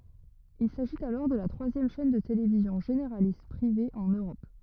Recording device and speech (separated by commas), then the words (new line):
rigid in-ear microphone, read sentence
Il s'agit alors de la troisième chaîne de télévision généraliste privée en Europe.